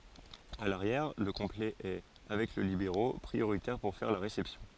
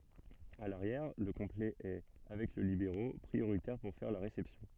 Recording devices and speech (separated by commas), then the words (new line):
forehead accelerometer, soft in-ear microphone, read sentence
À l'arrière, le complet est, avec le libéro, prioritaire pour faire la réception.